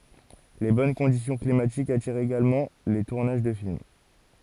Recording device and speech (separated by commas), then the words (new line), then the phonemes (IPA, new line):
forehead accelerometer, read sentence
Les bonnes conditions climatiques attirent également les tournages de films.
le bɔn kɔ̃disjɔ̃ klimatikz atiʁt eɡalmɑ̃ le tuʁnaʒ də film